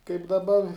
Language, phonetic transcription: Lithuanian, kaip daˈba

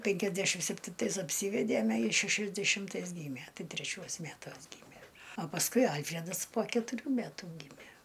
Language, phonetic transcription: Lithuanian, pėnkiasˈdešim septinˈtais apˈsyvedėme ˈjis šešiasdešimˈtais ˈgymie ˈtai treˈčiuos ˈmætuos ˈgymie a pasˈkui ˈalfredas po ketuˈrių ˈmætų ˈgymæ

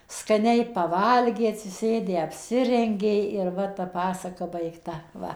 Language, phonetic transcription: Lithuanian, skaˈniai paˈvalgė atsiˈsėdę apˈsirengė ir ˈva ta ˈpasaka baigˈta ˈva

